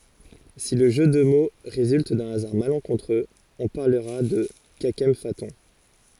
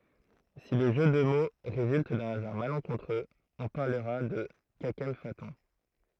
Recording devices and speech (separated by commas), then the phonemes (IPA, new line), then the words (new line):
forehead accelerometer, throat microphone, read sentence
si lə ʒø də mo ʁezylt dœ̃ azaʁ malɑ̃kɔ̃tʁøz ɔ̃ paʁləʁa də kakɑ̃fatɔ̃
Si le jeu de mots résulte d’un hasard malencontreux, on parlera de kakemphaton.